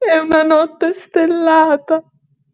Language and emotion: Italian, sad